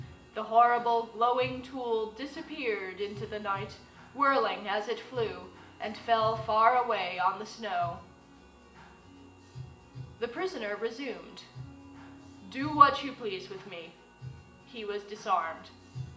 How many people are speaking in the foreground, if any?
One person.